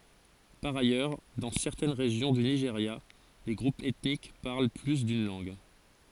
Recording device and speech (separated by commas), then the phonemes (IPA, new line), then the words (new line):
forehead accelerometer, read sentence
paʁ ajœʁ dɑ̃ sɛʁtɛn ʁeʒjɔ̃ dy niʒeʁja le ɡʁupz ɛtnik paʁl ply dyn lɑ̃ɡ
Par ailleurs, dans certaines régions du Nigeria, les groupes ethniques parlent plus d'une langue.